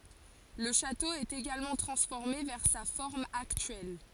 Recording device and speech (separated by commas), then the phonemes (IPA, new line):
forehead accelerometer, read sentence
lə ʃato ɛt eɡalmɑ̃ tʁɑ̃sfɔʁme vɛʁ sa fɔʁm aktyɛl